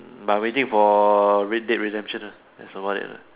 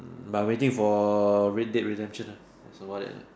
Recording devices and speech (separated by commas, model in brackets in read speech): telephone, standing microphone, conversation in separate rooms